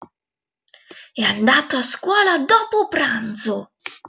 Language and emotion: Italian, angry